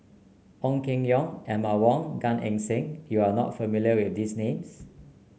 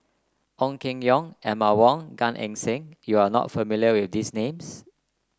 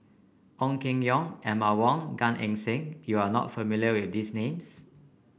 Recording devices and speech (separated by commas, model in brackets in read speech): mobile phone (Samsung C9), close-talking microphone (WH30), boundary microphone (BM630), read sentence